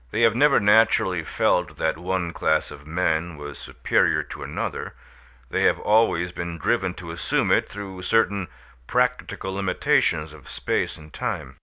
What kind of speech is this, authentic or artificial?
authentic